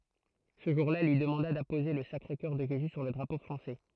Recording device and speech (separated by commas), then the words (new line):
throat microphone, read sentence
Ce jour-là, elle lui demanda d'apposer le Sacré-Coeur de Jésus sur le drapeau français.